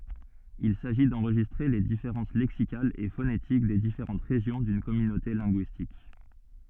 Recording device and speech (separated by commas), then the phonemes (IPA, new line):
soft in-ear microphone, read sentence
il saʒi dɑ̃ʁʒistʁe le difeʁɑ̃s lɛksikalz e fonetik de difeʁɑ̃t ʁeʒjɔ̃ dyn kɔmynote lɛ̃ɡyistik